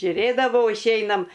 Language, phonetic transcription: Lithuanian, žiuˈrėdavau išˈeinam

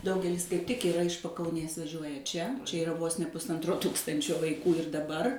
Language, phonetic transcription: Lithuanian, ˈdaugelis kaip tik iˈra iš pakauˈnės vaˈžiuoja ˈčia ˈčia iˈra vos ne pusˈantro ˈtūkstančio vaiˈkų ir daˈbar

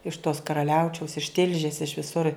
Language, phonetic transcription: Lithuanian, iš tos karaˈliaučiaus iš ˈtilžės iš viˈsur

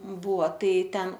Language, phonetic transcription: Lithuanian, ˈbūvo ˈtai ˈten

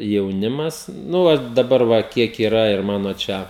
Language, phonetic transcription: Lithuanian, jauˈnimas ˈnu va daˈbar va ˈkiek yˈra ir ˈmano ˈčia

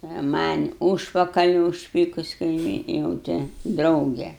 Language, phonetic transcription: Lithuanian, a man' ˈūžpakali užˈpykus kaiˈmyn jau ˈte ˈdrauge

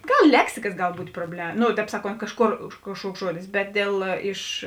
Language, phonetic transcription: Lithuanian, ˈgal ˈleksikas ˈgal ˈbūt' proble ˈno tēp ˈsaˌkont ˈkažˌkor už ˈkažˌkuoks ˈžuodis ˈbet dėl ˈiš

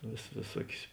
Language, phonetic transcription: Lithuanian, vės vėˈsuokius

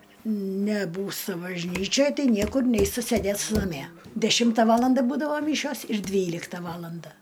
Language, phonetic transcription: Lithuanian, neˈbūsta bažˈnyčioj ˈtai ˈniekur ˈneista ˈsėdėsta naˈmie deˈšimta ˈvalanda ˈbūdava ˈmyšios ir ˈdvylikta ˈvalanda

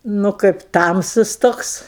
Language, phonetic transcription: Lithuanian, nu ˈkaip ˈtamsus ˈtoks

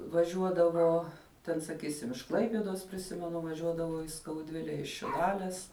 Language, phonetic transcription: Lithuanian, vaˈžiuodavo ˈten saˈkysim iš ˈklaipiedos priˈsimenu vaˈžiuodavau į skauˈdvile iš šiˈlales

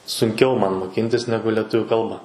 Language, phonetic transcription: Lithuanian, sunˈkiau ˈman moˈkyntis ˈnegu leˈtuviu ˈkalba

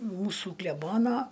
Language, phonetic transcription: Lithuanian, ˈmūsų kleˈbono

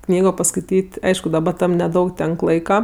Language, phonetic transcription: Lithuanian, ˈknygo paskaiˈtyt' ˈaišku daˈba ˈtam neˈdaug ˈtenk ˈlaika

